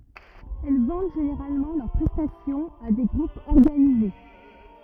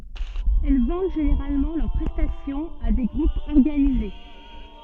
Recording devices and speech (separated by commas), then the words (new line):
rigid in-ear microphone, soft in-ear microphone, read sentence
Elles vendent généralement leurs prestations à des groupes organisés.